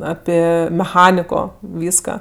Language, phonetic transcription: Lithuanian, ˈapi meˈchaniko ˈvyska

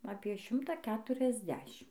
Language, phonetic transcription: Lithuanian, apie ˈšimta ˌketuriasˈdešim

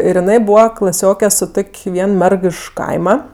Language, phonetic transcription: Lithuanian, ir jiˈnai ˈbūva klaˈsioke su ˈtok' ˈvien ˈmerg iš ˈkaima

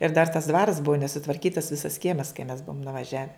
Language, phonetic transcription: Lithuanian, ir dar tas dvaras buvo nesutvarkytas ˈvisas ˈkiemas kai mes ˈbuvom nuvaˈžiave

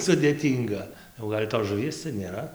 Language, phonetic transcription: Lithuanian, sudėˈtynga jau ˈgal' tos žuˈvies cia nėˈra

